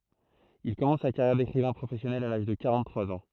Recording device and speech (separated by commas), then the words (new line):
throat microphone, read sentence
Il commence sa carrière d’écrivain professionnel à l’âge de quarante-trois ans.